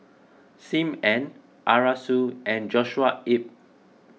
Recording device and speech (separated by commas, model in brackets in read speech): mobile phone (iPhone 6), read sentence